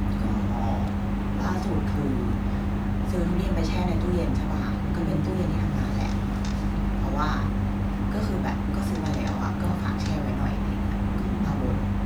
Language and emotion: Thai, frustrated